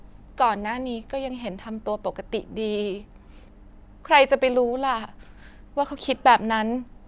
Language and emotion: Thai, sad